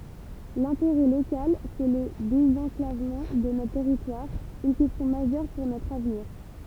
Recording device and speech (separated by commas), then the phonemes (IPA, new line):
temple vibration pickup, read sentence
lɛ̃teʁɛ lokal sɛ lə dezɑ̃klavmɑ̃ də notʁ tɛʁitwaʁ yn kɛstjɔ̃ maʒœʁ puʁ notʁ avniʁ